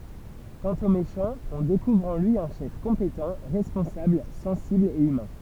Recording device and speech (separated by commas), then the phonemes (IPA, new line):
temple vibration pickup, read sentence
kɑ̃t o meʃɑ̃ ɔ̃ dekuvʁ ɑ̃ lyi œ̃ ʃɛf kɔ̃petɑ̃ ʁɛspɔ̃sabl sɑ̃sibl e ymɛ̃